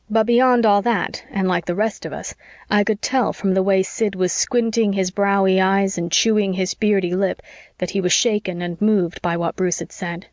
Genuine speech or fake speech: genuine